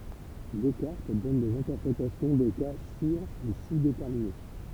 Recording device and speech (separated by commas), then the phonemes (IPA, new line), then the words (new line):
temple vibration pickup, read sentence
dɛskaʁt dɔn dez ɛ̃tɛʁpʁetasjɔ̃ de ka syʁ u suzdetɛʁmine
Descartes donne des interprétations des cas sur- ou sous-déterminés.